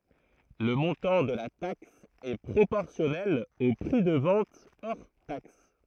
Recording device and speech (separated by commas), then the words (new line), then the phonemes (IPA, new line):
throat microphone, read sentence
Le montant de la taxe est proportionnel au prix de vente hors taxe.
lə mɔ̃tɑ̃ də la taks ɛ pʁopɔʁsjɔnɛl o pʁi də vɑ̃t ɔʁ taks